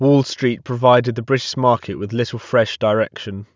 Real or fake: real